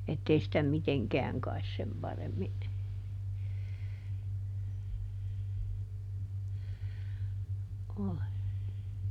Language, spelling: Finnish, että ei sitä mitenkään kai sen paremmin ole
- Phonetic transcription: ˈettei sitä "miteŋkɛäŋ kais ˈsem ˈparemmi , ole ,.

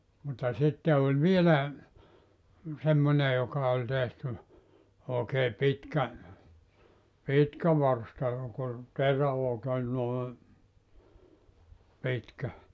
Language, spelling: Finnish, mutta sitten oli vielä semmoinen joka oli tehty oikein pitkä pitkä varsta joka oli noin pitkä
- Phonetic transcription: mutta 'sitte oĺ 'vielä , 'semmone joka oĺ tehty , 'ookee 'pitkä , "pitkä 'varsta jok ‿ol , noe , 'pitkä .

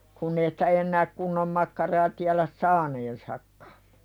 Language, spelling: Finnish, kun ei sitä enää kunnon makkaraa tiedä saaneensakaan
- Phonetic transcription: kunn ‿ei sᴵtä ennääk 'kunnom makkaraa tiäläs "saaneensakkᴀ .

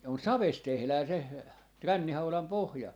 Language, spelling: Finnish, on savesta tehdään se rännihaudan pohja
- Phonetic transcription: 'on "savest 'tehlää se , "rännihaulam 'pohja .

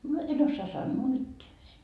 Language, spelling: Finnish, no et osaa sanoa mitään
- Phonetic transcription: no , 'et ‿ossaa "sannoo "mitteä .

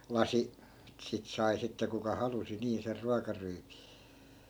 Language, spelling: Finnish, lasi sitä sai sitten kuka halusi niin sen ruokaryypyn
- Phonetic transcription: 'lasi , sit 'sai sitte kuka 'halusi nii ser 'ruakaryypI .

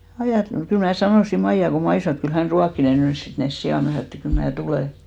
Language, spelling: Finnish, - kyllä minä sanoin Maija kun Maija sanoi että kyllä hän ruokkii ne nyt sitten ne siat minä sanoin että kyllä minä tulen
- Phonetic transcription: 'ajàt- , 'kyl mnä̀ 'sanòsi 'Maija ko 'Mai sanò et 'kyl 'hän "ruakki ne nys "sit nes 'sijà , mä sano et kyl mnää 'tulè .

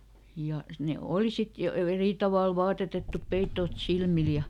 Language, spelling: Finnish, ja ne oli sitten jo - eri tavalla vaatetettu peitot silmillä ja
- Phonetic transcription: ja , ne ˈòli sit jo , ve- ˈerì tavàl ˈvaatetettup ˈpeittoot "silmil ja ,.

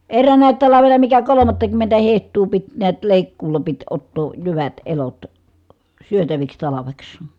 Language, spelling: Finnish, eräänäkin talvena mikä kolmattakymmentä hehtoa piti näet leikkuulla piti ottaa jyvät elot syötäviksi talveksi
- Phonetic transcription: erräänä̀i̮t talavena mikä kolomattakymmentä heht̀uu pit niät , lèikkuula pit ottoo , jyvät , elot , syötäviks talaveks .

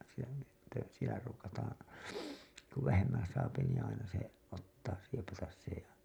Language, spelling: Finnish, siellä sitten siellä ruukataan kun vähemmän saa niin aina se ottaa siepata se ja
- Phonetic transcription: sielä sitte , sielä ruukataaa̰ , ku , 'vähemmää̰ saapi nii aina se , 'ottaa , 'siepatas se ja .

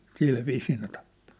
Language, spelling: Finnish, sillä viisiin ne tappoi
- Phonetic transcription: 'silviisii ne tappᴏ .

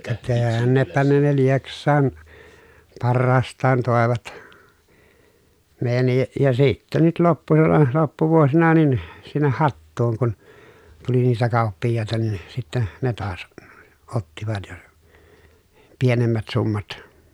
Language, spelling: Finnish, ka tännepä ne ne Lieksaan parhaastaan toivat meidänkin ja sitten nyt loppusalla loppuvuosina niin sinne Hattuun kun tuli niitä kauppiaita niin sitten ne taas ottivat ja pienemmät summat
- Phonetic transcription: ka tänneppä ne ne Lieks̆saan , parraasttaan tòevat , mèijänni , ja sittä nyt loppusalla loppuvuosina nin , sinneh Hattuuŋ kun , tuli niitä kàuppijjàeta nin , sittä , ne taas , ottivat ja , pienemmät summat .

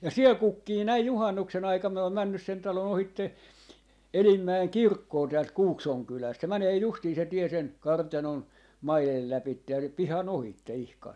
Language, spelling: Finnish, ja siellä kukkii näin juhannuksen aikaan minä olen mennyt sen talon ohitse Elimäen kirkkoon täältä Kuukson kylästä se menee justiin se tie sen kartanon maiden lävitse ja sen pihan ohitse ihan
- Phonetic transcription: ja "siel "kukkii 'näij "juhannukse'n ‿aikam miä oom 'männys sen 'talo'n ‿ohitte , "Elimmäeŋ "kirkkoo täält "Kuuksoŋ 'kyläst , se 'mänee 'justii se 'tie sen , "kartanon , "mailel 'läpitte ja sem "piha'n ‿ohitte 'ihkan .

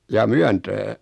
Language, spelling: Finnish, jaa Myöntää
- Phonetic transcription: 'jaa "Myäntää ?

